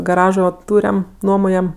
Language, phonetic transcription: Lithuanian, gaˈražo ˈtūriam ˈnuomojam

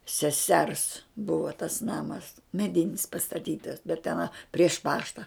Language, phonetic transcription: Lithuanian, seˈsers ˈbuvo tas ˈnamas meˈdinis pastaˈtytas bet teˈna prieš ˈpašta

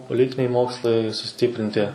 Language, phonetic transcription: Lithuanian, poˈlitiniai ˈmokslai suˈstyprinti

